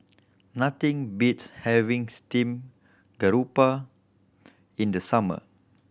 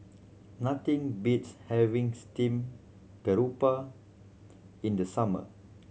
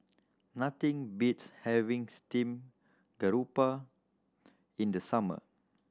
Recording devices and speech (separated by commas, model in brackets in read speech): boundary microphone (BM630), mobile phone (Samsung C7100), standing microphone (AKG C214), read sentence